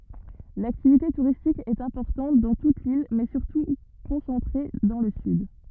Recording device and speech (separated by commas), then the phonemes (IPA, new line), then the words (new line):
rigid in-ear microphone, read sentence
laktivite tuʁistik ɛt ɛ̃pɔʁtɑ̃t dɑ̃ tut lil mɛ syʁtu kɔ̃sɑ̃tʁe dɑ̃ lə syd
L'activité touristique est importante dans toute l'île, mais surtout concentrée dans le sud.